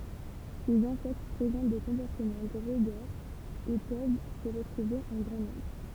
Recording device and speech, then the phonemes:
temple vibration pickup, read sentence
sez ɛ̃sɛkt pʁezɑ̃t de kɔ̃pɔʁtəmɑ̃ ɡʁeɡɛʁz e pøv sə ʁətʁuve ɑ̃ ɡʁɑ̃ nɔ̃bʁ

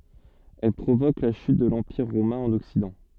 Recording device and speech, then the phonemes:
soft in-ear microphone, read sentence
ɛl pʁovok la ʃyt də lɑ̃piʁ ʁomɛ̃ ɑ̃n ɔksidɑ̃

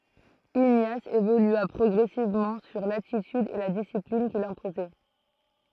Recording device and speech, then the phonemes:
throat microphone, read sentence
iɲas evolya pʁɔɡʁɛsivmɑ̃ syʁ latityd e la disiplin kil sɛ̃pozɛ

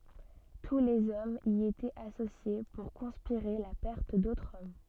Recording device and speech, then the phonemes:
soft in-ear microphone, read sentence
tu lez ɔmz i etɛt asosje puʁ kɔ̃spiʁe la pɛʁt dotʁz ɔm

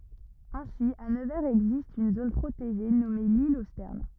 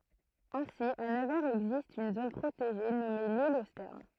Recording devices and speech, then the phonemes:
rigid in-ear microphone, throat microphone, read sentence
ɛ̃si a nəvɛʁz ɛɡzist yn zon pʁoteʒe nɔme lil o stɛʁn

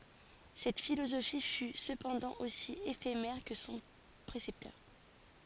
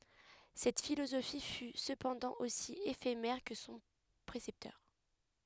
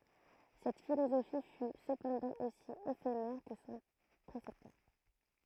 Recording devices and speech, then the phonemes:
forehead accelerometer, headset microphone, throat microphone, read sentence
sɛt filozofi fy səpɑ̃dɑ̃ osi efemɛʁ kə sɔ̃ pʁesɛptœʁ

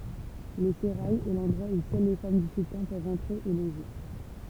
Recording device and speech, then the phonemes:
temple vibration pickup, read sentence
lə seʁaj ɛ lɑ̃dʁwa u sœl le fam dy syltɑ̃ pøvt ɑ̃tʁe e loʒe

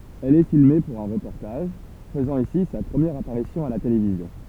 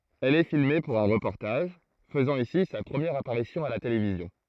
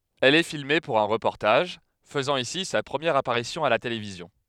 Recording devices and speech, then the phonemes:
temple vibration pickup, throat microphone, headset microphone, read sentence
ɛl ɛ filme puʁ œ̃ ʁəpɔʁtaʒ fəzɑ̃ isi sa pʁəmjɛʁ apaʁisjɔ̃ a la televizjɔ̃

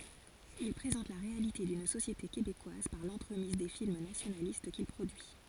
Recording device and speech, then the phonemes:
forehead accelerometer, read sentence
il pʁezɑ̃t la ʁealite dyn sosjete kebekwaz paʁ lɑ̃tʁəmiz de film nasjonalist kil pʁodyi

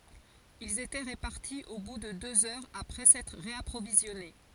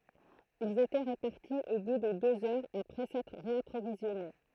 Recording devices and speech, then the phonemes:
forehead accelerometer, throat microphone, read sentence
ilz etɛ ʁəpaʁti o bu də døz œʁz apʁɛ sɛtʁ ʁeapʁovizjɔne

